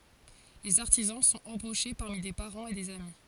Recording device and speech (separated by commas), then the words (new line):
forehead accelerometer, read sentence
Les artisans sont embauchés parmi des parents et des amis.